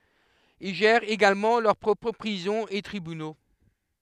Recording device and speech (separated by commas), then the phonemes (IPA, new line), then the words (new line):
headset microphone, read sentence
il ʒɛʁt eɡalmɑ̃ lœʁ pʁɔpʁ pʁizɔ̃z e tʁibyno
Ils gèrent également leur propres prisons et tribunaux.